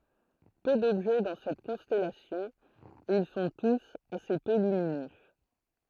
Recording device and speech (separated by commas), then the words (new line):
throat microphone, read sentence
Peu d'objets dans cette constellation, et ils sont tous assez peu lumineux.